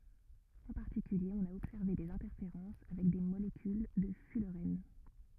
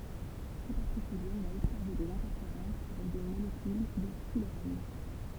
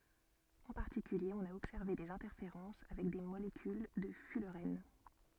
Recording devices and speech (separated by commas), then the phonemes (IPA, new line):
rigid in-ear microphone, temple vibration pickup, soft in-ear microphone, read sentence
ɑ̃ paʁtikylje ɔ̃n a ɔbsɛʁve dez ɛ̃tɛʁfeʁɑ̃s avɛk de molekyl də fylʁɛn